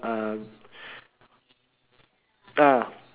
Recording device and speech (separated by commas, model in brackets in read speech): telephone, conversation in separate rooms